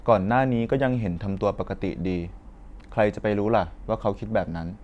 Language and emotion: Thai, neutral